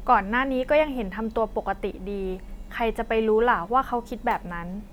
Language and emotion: Thai, neutral